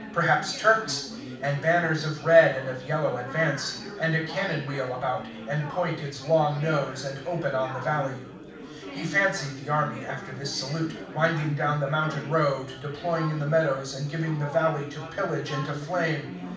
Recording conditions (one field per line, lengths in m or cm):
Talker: one person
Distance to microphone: 5.8 m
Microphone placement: far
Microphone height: 1.8 m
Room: medium-sized (5.7 m by 4.0 m)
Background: babble